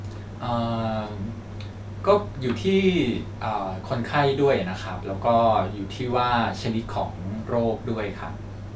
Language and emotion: Thai, neutral